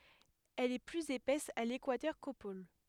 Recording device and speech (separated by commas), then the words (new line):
headset microphone, read sentence
Elle est plus épaisse à l'équateur qu'aux pôles.